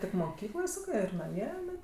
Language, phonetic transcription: Lithuanian, tik moˈkykloj ˈsakɜ ir naˈmie iˈnai

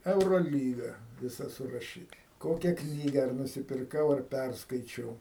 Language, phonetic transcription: Lithuanian, euroˈlyga viˈsa suraˈšyta ˈkokia ˈknyga ar nusipirˈkau ar ˈpærskaičiau

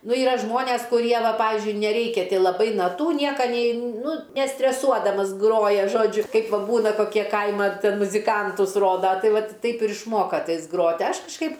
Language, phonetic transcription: Lithuanian, ˈnu ˈyra ˈžmones kuˈrie ˈva ˈpavizdžiui neˈreikia laˈbai naˈtų ˈnieka ˈnei ˈnu nestreˈsuodamas ˈgroja ˈžodžiu ˈkaip ˈva ˈbūna koˈkie ˈkaima ˈten muziˈkantus ˈroda ˈtai ˈvat ˈtaip ir išˈmoka ˈtais ˈgrot' ˈaš kažˈkaip

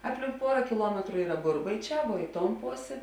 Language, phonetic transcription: Lithuanian, ˈapˌlink ˈpuora kiˈluometru ˈyra ˈburbaiˌčē vuo ˈi ˌton ˈposė

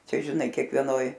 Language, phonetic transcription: Lithuanian, ˈčia žiˈnai kiekvieˈnoj

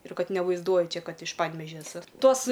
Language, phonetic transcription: Lithuanian, ir ˈkad nevaizˈduoju ˈčia ˈkad iš ˈpanvežia eˈsu ˈtos

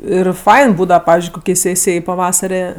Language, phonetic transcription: Lithuanian, ˈir ˈfain ˈbūdava ˈpavizdžiui ˈkokiai ˈsėsijai paˈvasare

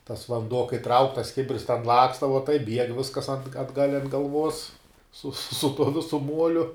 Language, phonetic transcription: Lithuanian, tas vanˈduo kai trauk tas ˈkibirs ten ˈlaksta va taip bieg ˈviskas an atˈgal' ant galˈvuos su su tuo ˈvisu ˈmuoliu

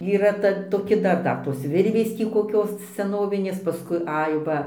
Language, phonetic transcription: Lithuanian, yˈra ˈta toˈki ˈdar ˈdar tos ˈvirvės ˈtį koˈkios seˈnovinės paˈskui ˈai ˈva

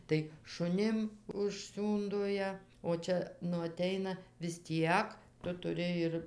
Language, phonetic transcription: Lithuanian, tai šuˈnim užˈsiūndo ˈjie o ˈčia nu aˈteina vis ˈtiek ˈtu tuˈri ir

